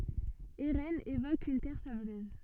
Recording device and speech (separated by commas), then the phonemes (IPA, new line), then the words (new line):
soft in-ear microphone, read sentence
eʁɛnz evok yn tɛʁ sabløz
Eraines évoque une terre sableuse.